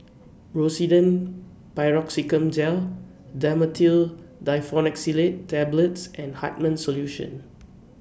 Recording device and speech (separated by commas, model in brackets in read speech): boundary microphone (BM630), read sentence